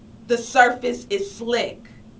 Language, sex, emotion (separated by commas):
English, female, angry